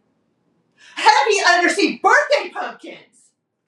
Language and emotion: English, angry